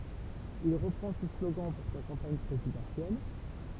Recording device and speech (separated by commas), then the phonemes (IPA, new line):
temple vibration pickup, read sentence
il ʁəpʁɑ̃ sə sloɡɑ̃ puʁ sa kɑ̃paɲ pʁezidɑ̃sjɛl